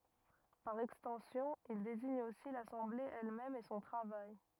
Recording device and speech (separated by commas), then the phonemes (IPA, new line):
rigid in-ear microphone, read sentence
paʁ ɛkstɑ̃sjɔ̃ il deziɲ osi lasɑ̃ble ɛlmɛm e sɔ̃ tʁavaj